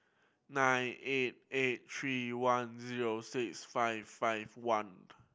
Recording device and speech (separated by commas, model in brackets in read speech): boundary microphone (BM630), read sentence